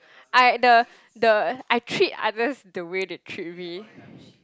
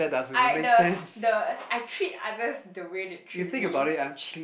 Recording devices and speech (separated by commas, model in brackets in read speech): close-talking microphone, boundary microphone, conversation in the same room